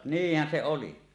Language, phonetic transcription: Finnish, niihhän se 'oli .
- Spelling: niinhän se oli

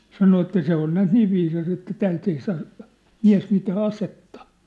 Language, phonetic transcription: Finnish, 'sano että 'se ‿on näät "niiv viisas ‿että "täält ‿ei saa , "miä̭s mitää "asettᴀ .
- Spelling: sanoin että se on näet niin viisas että täältä ei saa mies mitään asetta

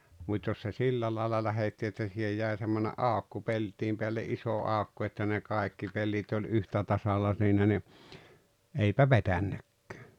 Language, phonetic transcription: Finnish, mut́ jos se "sillä làela 'lähetti että sihej 'jä̀e semmone’ "’àokko 'pelt̀im peälle’ '’isò 'àokko että ne 'kaekki 'pellit oĺ 'yhtätasalla siinä ni , 'eipä "vetännäkkᴀ̈ᴀ̈ .
- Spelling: mutta jos se sillä lailla lähetti että siihen jäi semmoinen aukko pellin päälle iso aukko että ne kaikki pellit oli yhtä tasalla siinä niin eipä vetänytkään

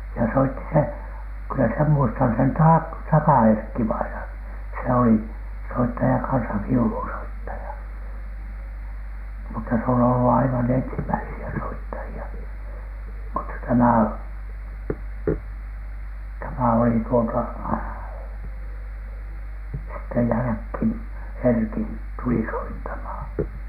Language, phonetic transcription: Finnish, ja soitti se , kyllä sem muistan sen ta- , "Taka ‿erkki-vainan , se oli , "soittaja kansa "viulunsoittaja , mutta se on ollu 'aivan 'ensimäisi₍ä 'soittaji₍a , mutta "tämä o- , 'tämä oli tuota , sitte jälähkin "Erkin , tuli soittamhà .
- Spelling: ja soitti se kyllä sen muistan sen - Taka Erkki-vainaan se oli soittaja kanssa viulunsoittaja mutta se on ollut aivan ensimmäisiä soittajia mutta tämä - tämä oli tuota sitten jälkeen Erkin tuli soittamaan

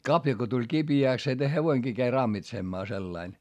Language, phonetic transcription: Finnish, kapja ko tuĺ kiBi₍ä̀ks se hevoiŋGii käi rammitsemmaa sellain .
- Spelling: kavio kun tuli kipeäksi se hevonenkin kävi rammitsemaan sillä lailla

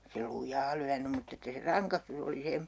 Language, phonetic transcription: Finnish, se 'luj̆jaa lyänym 'mutt ‿että se "raŋkastus ‿oli 'se .
- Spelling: se lujaa lyönyt mutta että se rangaistus oli se

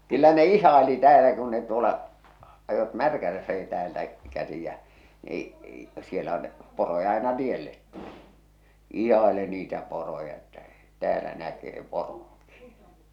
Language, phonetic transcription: Finnish, kyllä ne "ih̆haeli täälä kun ne tuola , ajot "Märkälässäki täältä , 'käsi jä , e- e- siellä on , poroja aina 'tiellet tulɪ , 'ihaeli niitä 'poroja että , 'täälä näkee "poroŋki .
- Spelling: kyllä ne ihaili täällä kun ne tuolla ajoivat Märkälässäkin täältä käsi ja - - siellä on poroja aina tielle tuli ihaili niitä poroja että täällä näkee poronkin

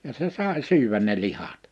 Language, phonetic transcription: Finnish, ja se 'sài 'syywän ne 'lihat .
- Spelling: ja se sai syödä ne lihat

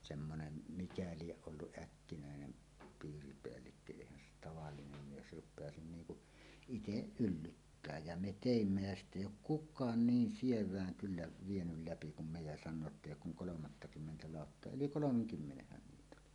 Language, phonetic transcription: Finnish, semmonen , 'mikä 'lieˀ 'ˀolluˀ "ˀäkkinä̀enen , 'piiripeällikkö 'èihän se tavallinem mies "rup̆peasin 'niiŋ kuˀ , "iteˀ "ˀyllyttää jä "me "tèimmä jä 'sitᵗ ‿èij̆j ‿ook "kuk̆kaan "niin "siev̀ääŋ kyllä vienyl läpi kum me ja san̆noo et"t ‿èij̆j ‿ook kuŋ 'kolomattakymmentä 'làottoa "yli "kolomeŋ'kymmenehhän 'niit ‿oli .
- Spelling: semmoinen mikä lie ollut äkkinäinen piiripäällikkö eihän se tavallinen mies rupeaisi niin kuin itse yllyttää ja me teimme ja sitten ei ole kukaan niin sievään kyllä vienyt läpi kuin me ja sanoo että ei ole kuin kolmattakymmentä lauttaa yli kolmenkymmenenhän niitä oli

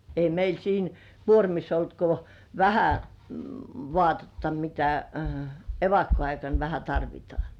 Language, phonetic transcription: Finnish, 'ei meil 'siin , "kuormiss ‿olt ko , "vähä , 'vŏàtetta mitä , "evakko₍aikan vähä 'tarvitŏà .
- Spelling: ei meillä siinä kuormissa ollut kuin vähän vaatetta mitä evakkoaikana vähän tarvitaan

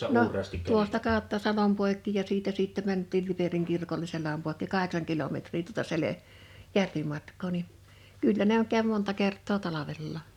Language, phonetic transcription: Finnish, no , 'tuosta 'kào̭tta 'salom pòekki ja 'siitä sìtte mänt̆tiil 'Liperiŋ kirkole 'seläm pòekki "kaheksaŋ 'kilometrii tuᵒta 'sele- , "järvimatk̀oo ni , 'kyllä ne ‿oŋ käv 'monta kert̆too "talavellà .
- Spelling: no tuosta kautta salon poikki ja siitä sitten mentiin Liperin kirkolle selän poikki kahdeksan kilometriä tuota - järvimatkaa niin kyllä ne on kävi monta kertaa talvellakin

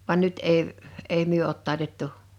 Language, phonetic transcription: Finnish, van 'nyt èi , 'èi "myö òt 'tài̬tettu .
- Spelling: vaan nyt ei ei me ole taitettu

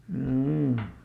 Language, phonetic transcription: Finnish, hjoo .
- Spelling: joo

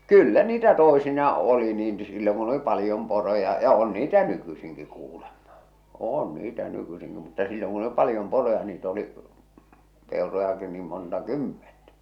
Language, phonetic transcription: Finnish, kyllä niitä tòisinaa '’oli niin silloŋ kun ‿oli 'palⁱjom poroja , ja 'on niitä "nykysiŋki kuulemᴍᴀ , 'oon niitä nykysiŋki mutta silloŋ kun ‿°li 'paljom poroja niit ‿oli , 'pèorojaki niim monta "kymmentᴀ̈ .
- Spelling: kyllä niitä toisinaan oli niin silloin kun oli paljon poroja ja on niitä nykyisinkin kuulemma on niitä nykyisinkin mutta silloin kun oli paljon poroja niitä oli peurojakin niin monta kymmentä

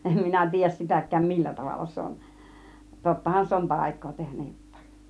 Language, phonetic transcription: Finnish, 'em minä 'tiij̆jäs "sitäk̆kääm "millä 'tavalla se on , 'tottahan 'se on "tàik̆koo tehnä jot̆tÀIˀ .
- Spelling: en minä tiedä sitäkään millä tavalla se on tottahan se on taikaa tehnyt jotakin

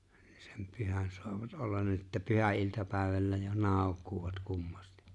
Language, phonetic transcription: Finnish, ɴɪɴ sem 'pyhän soavat '’ollan nin ‿että 'pyhä₍il̜tapä̀̀evällä jo 'nàok̀̀uuvat 'kummastɪ .
- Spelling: niin sen pyhän saavat olla niin että pyhäiltapäivällä jo naukuvat kummasti

